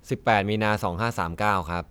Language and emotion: Thai, neutral